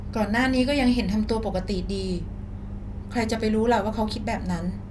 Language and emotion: Thai, neutral